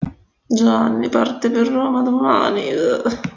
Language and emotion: Italian, disgusted